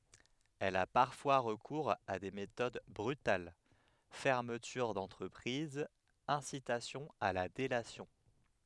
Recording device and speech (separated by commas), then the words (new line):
headset microphone, read sentence
Elle a parfois recours à des méthodes brutales: fermeture d'entreprise, incitation à la délation.